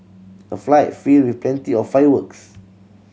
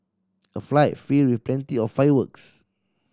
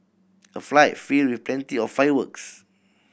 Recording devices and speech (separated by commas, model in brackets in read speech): mobile phone (Samsung C7100), standing microphone (AKG C214), boundary microphone (BM630), read sentence